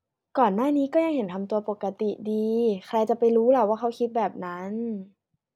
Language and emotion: Thai, frustrated